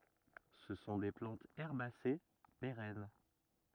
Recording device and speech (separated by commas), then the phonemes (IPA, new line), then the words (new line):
rigid in-ear microphone, read sentence
sə sɔ̃ de plɑ̃tz ɛʁbase peʁɛn
Ce sont des plantes herbacées, pérennes.